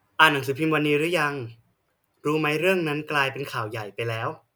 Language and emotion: Thai, neutral